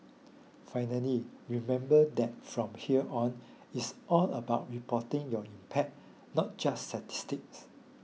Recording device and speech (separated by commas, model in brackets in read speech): mobile phone (iPhone 6), read sentence